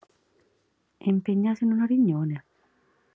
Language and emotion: Italian, neutral